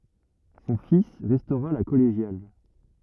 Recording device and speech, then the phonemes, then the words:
rigid in-ear microphone, read sentence
sɔ̃ fis ʁɛstoʁa la kɔleʒjal
Son fils restaura la collégiale.

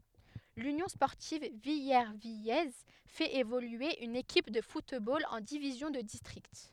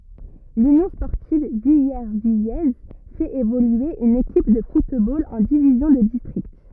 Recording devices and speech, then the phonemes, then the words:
headset microphone, rigid in-ear microphone, read sentence
lynjɔ̃ spɔʁtiv vilɛʁvijɛz fɛt evolye yn ekip də futbol ɑ̃ divizjɔ̃ də distʁikt
L'Union sportive villervillaise fait évoluer une équipe de football en division de district.

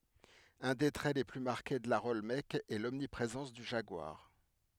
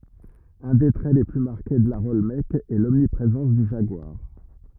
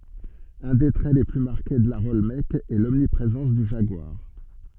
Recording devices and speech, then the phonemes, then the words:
headset microphone, rigid in-ear microphone, soft in-ear microphone, read sentence
œ̃ de tʁɛ le ply maʁke də laʁ ɔlmɛk ɛ lɔmnipʁezɑ̃s dy ʒaɡwaʁ
Un des traits les plus marqués de l'art olmèque est l'omniprésence du jaguar.

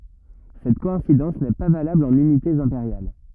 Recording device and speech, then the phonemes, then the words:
rigid in-ear microphone, read sentence
sɛt kɔɛ̃sidɑ̃s nɛ pa valabl ɑ̃n ynitez ɛ̃peʁjal
Cette coïncidence n'est pas valable en unités impériales.

